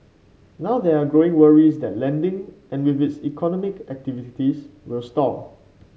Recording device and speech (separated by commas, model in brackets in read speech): mobile phone (Samsung C5), read sentence